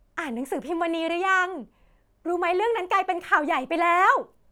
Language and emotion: Thai, happy